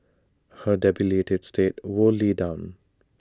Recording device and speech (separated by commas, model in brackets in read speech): standing microphone (AKG C214), read sentence